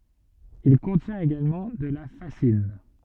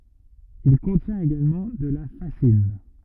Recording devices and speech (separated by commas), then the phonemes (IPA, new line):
soft in-ear microphone, rigid in-ear microphone, read sentence
il kɔ̃tjɛ̃t eɡalmɑ̃ də la fazin